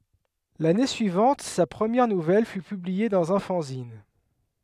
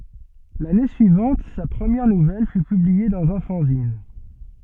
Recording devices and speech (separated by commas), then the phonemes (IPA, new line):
headset microphone, soft in-ear microphone, read sentence
lane syivɑ̃t sa pʁəmjɛʁ nuvɛl fy pyblie dɑ̃z œ̃ fɑ̃zin